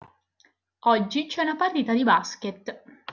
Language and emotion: Italian, neutral